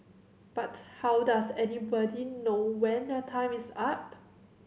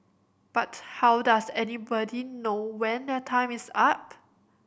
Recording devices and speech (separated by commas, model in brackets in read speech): mobile phone (Samsung C7100), boundary microphone (BM630), read sentence